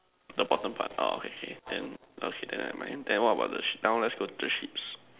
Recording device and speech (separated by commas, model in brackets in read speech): telephone, conversation in separate rooms